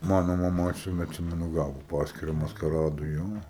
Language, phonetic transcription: Lithuanian, ˈmano maˈma atˈsime atˈsimenu ˈgavo ˈpaskyra maskaˈradui ˈjo

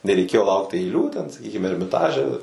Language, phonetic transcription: Lithuanian, nereiˈkėjo ˈlaukt aiˈlių ten saˈkykim ermiˈtaže

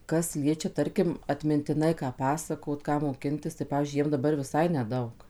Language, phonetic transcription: Lithuanian, ˈkas ˈliečia ˈtarkim atmintiˈnai ˈką ˈpasakot ˈką moˈkintis tai ˈpavyzdžiui ˈjiem daˈbar viˈsai neˈdaug

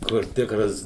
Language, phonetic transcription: Lithuanian, kur ˈtikras

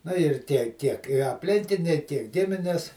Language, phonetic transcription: Lithuanian, ˈnu ir ˈtie tiek i apˈlinkiniai tiek ˈgimines

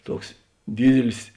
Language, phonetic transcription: Lithuanian, ˈtuoks ˈdydilis

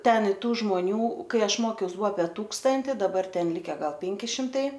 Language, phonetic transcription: Lithuanian, ˈten i ˈtų žmoˈnių ˈkai ˈaš ˈmokiaus ˈbua apie ˈtūkstanti daˈbar ˈten ˈlike ˈgal ˈpenki šimtˈai

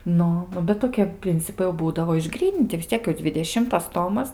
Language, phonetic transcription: Lithuanian, ˈnu ˈnu bet toˈkie ˈprincipai jau ˈbūdavo išˈgryninti vis ˈciek jau dzvideˈšimtas ˈtomas

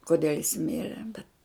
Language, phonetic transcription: Lithuanian, koˈdel' jis ˈmire bet

